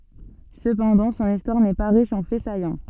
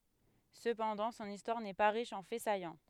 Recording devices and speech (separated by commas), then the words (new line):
soft in-ear microphone, headset microphone, read sentence
Cependant, son histoire n’est pas riche en faits saillants.